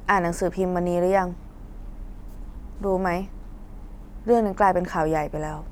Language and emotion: Thai, frustrated